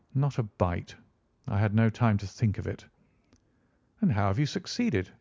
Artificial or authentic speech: authentic